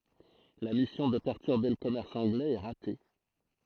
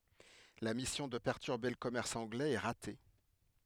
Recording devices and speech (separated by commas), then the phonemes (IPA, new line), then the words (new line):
throat microphone, headset microphone, read sentence
la misjɔ̃ də pɛʁtyʁbe lə kɔmɛʁs ɑ̃ɡlɛz ɛ ʁate
La mission de perturber le commerce anglais est ratée.